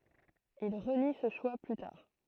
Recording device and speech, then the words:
throat microphone, read sentence
Il renie ce choix plus tard.

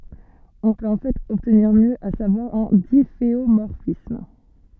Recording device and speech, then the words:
soft in-ear microphone, read sentence
On peut en fait obtenir mieux, à savoir un difféomorphisme.

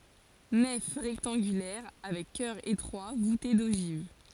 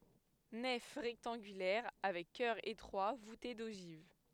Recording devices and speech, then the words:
forehead accelerometer, headset microphone, read sentence
Nef rectangulaire avec chœur étroit voûté d'ogives.

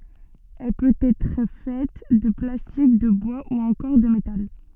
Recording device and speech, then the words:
soft in-ear microphone, read sentence
Elle peut être faite de plastique, de bois ou encore de métal.

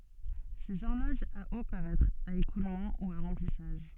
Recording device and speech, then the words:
soft in-ear microphone, read sentence
Ces horloges à eau peuvent être à écoulement ou à remplissage.

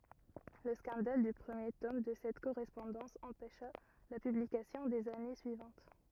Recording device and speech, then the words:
rigid in-ear microphone, read sentence
Le scandale du premier tome de cette correspondance empêcha la publication des années suivantes.

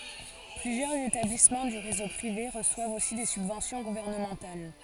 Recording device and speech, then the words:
forehead accelerometer, read sentence
Plusieurs établissements du réseau privé reçoivent aussi des subventions gouvernementales.

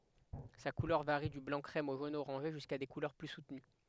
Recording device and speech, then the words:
headset microphone, read sentence
Sa couleur varie du blanc-crème au jaune-orangé, jusqu'à des couleurs plus soutenues.

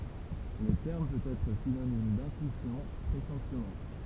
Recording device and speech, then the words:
temple vibration pickup, read sentence
Le terme peut être synonyme d'intuition, pressentiment.

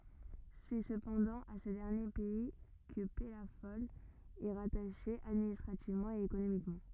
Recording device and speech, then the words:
rigid in-ear microphone, read sentence
C'est cependant à ce dernier pays que Pellafol est rattaché administrativement et économiquement.

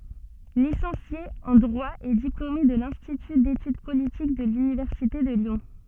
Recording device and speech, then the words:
soft in-ear microphone, read sentence
Licencié en Droit et diplômé de l'Institut d'Études Politiques de l'Université de Lyon.

